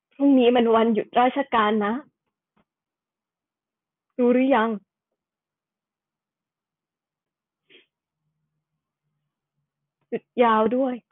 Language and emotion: Thai, sad